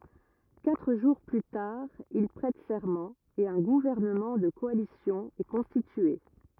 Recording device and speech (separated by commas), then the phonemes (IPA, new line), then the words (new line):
rigid in-ear microphone, read sentence
katʁ ʒuʁ ply taʁ il pʁɛt sɛʁmɑ̃ e œ̃ ɡuvɛʁnəmɑ̃ də kɔalisjɔ̃ ɛ kɔ̃stitye
Quatre jours plus tard, il prête serment et un gouvernement de coalition est constitué.